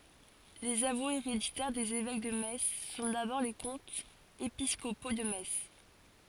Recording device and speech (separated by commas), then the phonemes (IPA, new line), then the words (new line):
forehead accelerometer, read sentence
lez avwez eʁeditɛʁ dez evɛk də mɛts sɔ̃ dabɔʁ le kɔ̃tz episkopo də mɛts
Les avoués héréditaires des évêques de Metz sont d’abord les comtes épiscopaux de Metz.